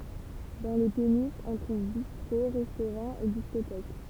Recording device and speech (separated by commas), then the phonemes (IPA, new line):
temple vibration pickup, read sentence
dɑ̃ le peniʃz ɔ̃ tʁuv bistʁo ʁɛstoʁɑ̃z e diskotɛk